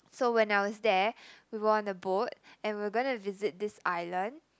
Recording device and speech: close-talking microphone, conversation in the same room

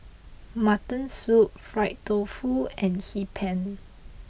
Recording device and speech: boundary microphone (BM630), read sentence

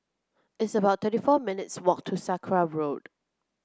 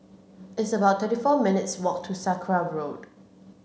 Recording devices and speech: close-talking microphone (WH30), mobile phone (Samsung C7), read sentence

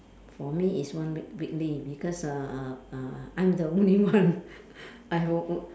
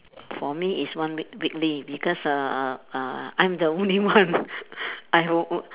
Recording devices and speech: standing microphone, telephone, conversation in separate rooms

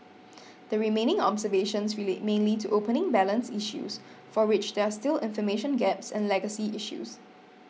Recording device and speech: mobile phone (iPhone 6), read sentence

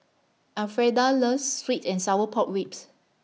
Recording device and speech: mobile phone (iPhone 6), read sentence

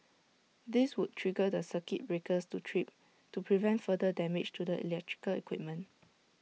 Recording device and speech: mobile phone (iPhone 6), read sentence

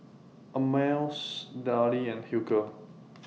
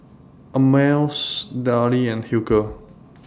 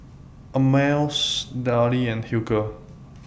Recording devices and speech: mobile phone (iPhone 6), standing microphone (AKG C214), boundary microphone (BM630), read sentence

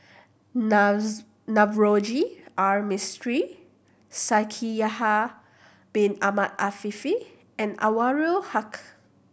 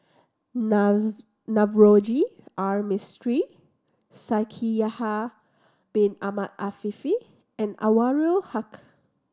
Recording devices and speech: boundary microphone (BM630), standing microphone (AKG C214), read sentence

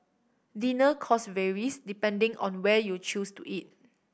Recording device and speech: boundary microphone (BM630), read sentence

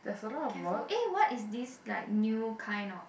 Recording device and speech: boundary microphone, conversation in the same room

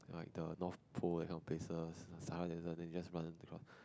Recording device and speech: close-talking microphone, conversation in the same room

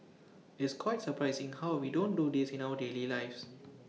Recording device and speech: mobile phone (iPhone 6), read sentence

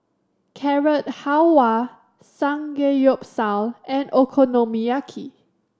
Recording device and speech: standing microphone (AKG C214), read sentence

